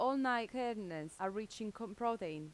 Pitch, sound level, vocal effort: 220 Hz, 87 dB SPL, normal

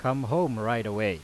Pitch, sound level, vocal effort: 120 Hz, 92 dB SPL, very loud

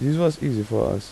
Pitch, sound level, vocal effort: 135 Hz, 84 dB SPL, soft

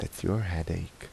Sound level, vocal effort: 75 dB SPL, soft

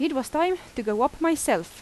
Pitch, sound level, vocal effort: 310 Hz, 88 dB SPL, loud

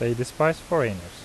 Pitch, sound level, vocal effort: 120 Hz, 84 dB SPL, normal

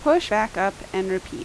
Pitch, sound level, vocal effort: 215 Hz, 85 dB SPL, loud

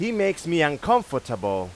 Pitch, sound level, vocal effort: 160 Hz, 97 dB SPL, very loud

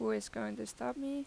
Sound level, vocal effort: 85 dB SPL, normal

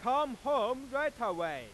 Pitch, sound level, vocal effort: 280 Hz, 106 dB SPL, very loud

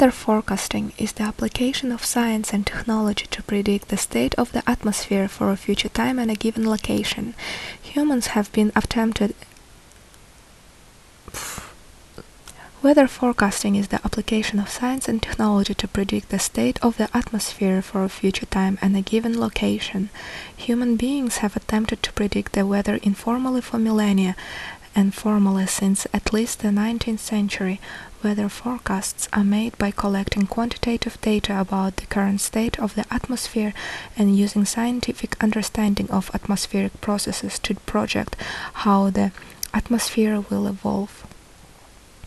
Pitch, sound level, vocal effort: 210 Hz, 69 dB SPL, soft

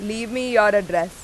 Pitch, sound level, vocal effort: 210 Hz, 93 dB SPL, very loud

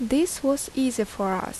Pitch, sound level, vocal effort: 260 Hz, 77 dB SPL, normal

